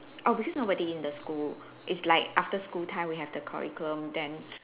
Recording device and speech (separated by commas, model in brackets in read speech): telephone, conversation in separate rooms